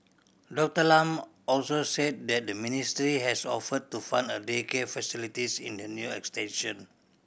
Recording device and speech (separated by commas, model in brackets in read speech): boundary microphone (BM630), read sentence